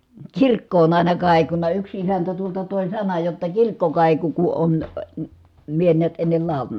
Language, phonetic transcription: Finnish, tsirkko on ài̮na kài̮kuna yks isäntä tuolta tòi̮ sanaj jotta kirkko kàiku ku on , mie niät ennel làu̬lana .
- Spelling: kirkko on aina kaikunut yksi isäntä tuolta toi sanan jotta kirkko kaikui kun on minä näet ennen laulanut

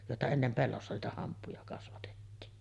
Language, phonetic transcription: Finnish, jòeta 'ennem 'pellossa niitä 'hamppuja kasvatettiin .
- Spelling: joita ennen pellossa niitä hamppuja kasvatettiin

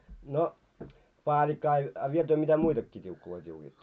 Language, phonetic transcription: Finnish, no , 'paaĺikka a , a 'viel työ mitä "muitakkii t́iukkuloi t́iukiitto ?
- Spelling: no paalikka ja ja vielä työ mitä muitakin tiukkuja tiukkaatte

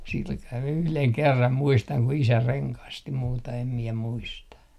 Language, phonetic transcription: Finnish, silkan 'yhleŋ "kerram muistaŋ ku 'isä "reŋkasti 'muuta em miɛ 'muista .
- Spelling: sillä kalella yhden kerran muistan kun isä rengasti muuta en minä muista

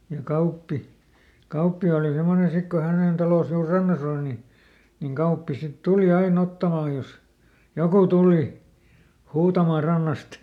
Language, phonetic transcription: Finnish, ja ˈKauppi , ˈKauppi òli ˈsemmone ˈsik ko ˈhänèn "talos juur "rannas ‿òl ni , niŋ ˈGauppi sit ˈtuli ˈaiˈn ‿ottamàj jos , ˈjokù "tùli , ˈhuutamà ˈrannast .
- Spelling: ja Kauppi Kauppi oli semmoinen sitten kun hänen talonsa juuri rannassa oli niin niin Kauppi sitten tuli aina ottamaan jos joku tuli huutamaan rannasta

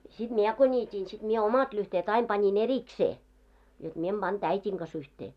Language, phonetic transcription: Finnish, siᴅ "miɛ ko 'ńiit́iin siᴅ 'miɛ 'omat lyhteet aim pańi"n ‿eriksee , jot 'mie em "ʙanᴅ 'äit́iŋ ɢas yhtee .
- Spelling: sitten minä kun niitin sitten minä omat lyhteet aina panin erikseen jotta minä en pannut äidin kanssa yhteen

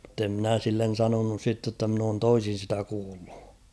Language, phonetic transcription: Finnish, ᵐ̥te ‿'mnä̀ sillen̬ 'sanonus sitte ‿tta mn ‿oon 'toisin̬ sitä kuullᴜ .
- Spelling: mutta en minä sille sanonut sitten jotta minä olen toisin sitä kuullut

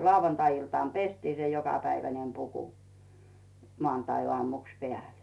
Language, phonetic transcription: Finnish, 'lau-wantai₍iltàn "pestii se 'jokapäivänem puku , 'moàntaioàmuks 'peä̀lᴇ .
- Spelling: lauantai-iltana pestiin se jokapäiväinen puku maanantaiaamuksi päälle

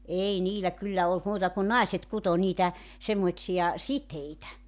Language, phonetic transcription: Finnish, "ei 'niilä 'kyllä olt 'muuta kun 'naiset 'kuto 'niitä , semmoⁱsija , "siteitä .
- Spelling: ei niillä kyllä ollut muuta kuin naiset kutoi niitä semmoisia siteitä

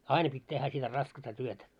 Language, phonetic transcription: Finnish, aina pit́ tehhä sitä 'raskasta 'työtä .
- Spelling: aina piti tehdä sitä raskasta työtä

